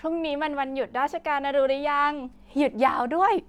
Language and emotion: Thai, happy